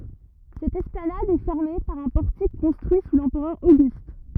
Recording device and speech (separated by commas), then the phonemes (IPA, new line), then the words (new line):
rigid in-ear microphone, read sentence
sɛt ɛsplanad ɛ fɛʁme paʁ œ̃ pɔʁtik kɔ̃stʁyi su lɑ̃pʁœʁ oɡyst
Cette esplanade est fermée par un portique construit sous l'empereur Auguste.